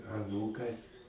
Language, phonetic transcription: Lithuanian, aˈnūkas

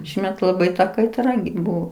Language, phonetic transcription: Lithuanian, ˈšįmet laˈbai ta kaiˈtra gi ˈbuo

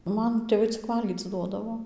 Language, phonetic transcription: Lithuanian, ˈman tėˈvai cik ˈvalgyc ˈduodavo

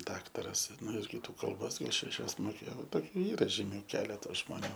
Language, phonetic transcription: Lithuanian, ˈdaktaras ˈnu ir kiˈtų kalˈbos šeˈšias moˈkėjo ˈtoˈkių ˈyra žyˈmiu ˈkeleta žmoˈnių

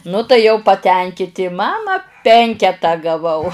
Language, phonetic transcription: Lithuanian, nu tai ˈjau paˈtenkiti ˈmama ˈpenketą gaˈvau

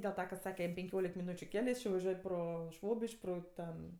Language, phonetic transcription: Lithuanian, dėl ˈta ka ˈsake jam penˈkiolik miˈnūčiu ˈkele ˈjis či vaˈžiuoj ˈpro ˈšvobiš'k' ˈpro ˈten

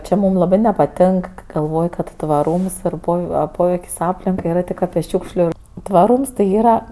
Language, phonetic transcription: Lithuanian, ˈči ˈmūm laˈbɜ nepaˈtėnk kɜ galˈvoj kad tvaˈrūms yr ˈpov a ˈpoveik's' ˈaplinkai yˈra ˈtik ˈapi ˈšiūkšliu tvaˈrūms tai ˈyra

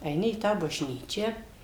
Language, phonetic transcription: Lithuanian, eiˈni į ˈtą bažˈnyčią

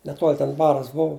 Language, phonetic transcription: Lithuanian, neˈtuol' ten ˈbaras ˈbuvu

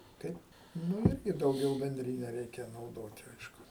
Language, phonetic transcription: Lithuanian, ˈkaip ˈnu ˈirgi dauˈgiau benˈdrine ˈreikia nauˈdoti ˈaišku

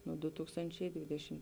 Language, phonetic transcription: Lithuanian, nuo du ˈtūkstančiai ˈdvidešim

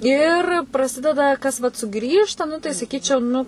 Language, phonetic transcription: Lithuanian, ir praˈsideda ˈkas vat suˈgrįžta ˈnu tai saˈkyčiau ˈnu

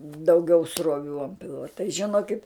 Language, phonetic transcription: Lithuanian, dauˈgiau sroˈvių ant ˈpilva tai žiˈnokit

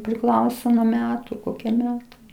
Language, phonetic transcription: Lithuanian, priˈklauso nuo ˈmetu ˈkokie ˈmetai

